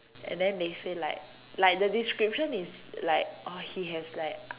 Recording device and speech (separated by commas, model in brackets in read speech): telephone, conversation in separate rooms